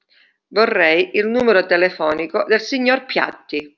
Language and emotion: Italian, neutral